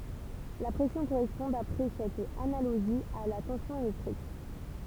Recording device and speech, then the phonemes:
temple vibration pickup, read sentence
la pʁɛsjɔ̃ koʁɛspɔ̃ dapʁɛ sɛt analoʒi a la tɑ̃sjɔ̃ elɛktʁik

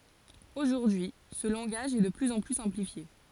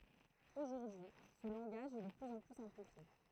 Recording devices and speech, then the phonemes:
forehead accelerometer, throat microphone, read sentence
oʒuʁdyi sə lɑ̃ɡaʒ ɛ də plyz ɑ̃ ply sɛ̃plifje

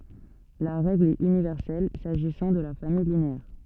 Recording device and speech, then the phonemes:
soft in-ear microphone, read sentence
la ʁɛɡl ɛt ynivɛʁsɛl saʒisɑ̃ də la famij lineɛʁ

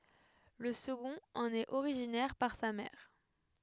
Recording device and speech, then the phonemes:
headset microphone, read sentence
lə səɡɔ̃t ɑ̃n ɛt oʁiʒinɛʁ paʁ sa mɛʁ

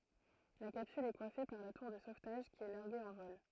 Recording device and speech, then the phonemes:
throat microphone, read sentence
la kapsyl ɛ kwafe paʁ la tuʁ də sovtaʒ ki ɛ laʁɡe ɑ̃ vɔl

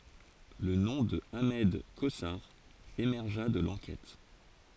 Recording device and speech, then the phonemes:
forehead accelerometer, read sentence
lə nɔ̃ də aʁmɛd kozaʁ emɛʁʒa də lɑ̃kɛt

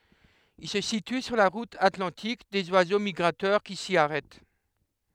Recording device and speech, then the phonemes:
headset microphone, read sentence
il sə sity syʁ la ʁut atlɑ̃tik dez wazo miɡʁatœʁ ki si aʁɛt

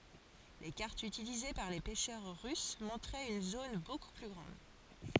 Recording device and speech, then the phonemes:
forehead accelerometer, read sentence
le kaʁtz ytilize paʁ le pɛʃœʁ ʁys mɔ̃tʁɛt yn zon boku ply ɡʁɑ̃d

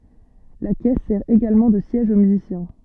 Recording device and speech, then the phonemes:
soft in-ear microphone, read sentence
la kɛs sɛʁ eɡalmɑ̃ də sjɛʒ o myzisjɛ̃

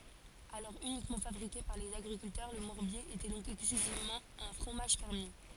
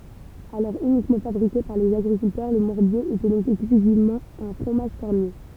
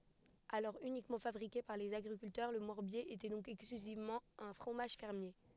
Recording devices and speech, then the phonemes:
forehead accelerometer, temple vibration pickup, headset microphone, read sentence
alɔʁ ynikmɑ̃ fabʁike paʁ lez aɡʁikyltœʁ lə mɔʁbje etɛ dɔ̃k ɛksklyzivmɑ̃ œ̃ fʁomaʒ fɛʁmje

